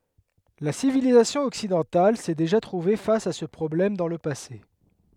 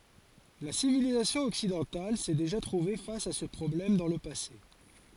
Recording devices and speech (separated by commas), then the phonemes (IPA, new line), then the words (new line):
headset microphone, forehead accelerometer, read sentence
la sivilizasjɔ̃ ɔksidɑ̃tal sɛ deʒa tʁuve fas a sə pʁɔblɛm dɑ̃ lə pase
La civilisation occidentale s'est déjà trouvée face à ce problème dans le passé.